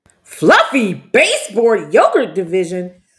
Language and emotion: English, disgusted